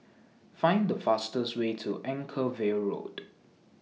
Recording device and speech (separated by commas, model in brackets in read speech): mobile phone (iPhone 6), read sentence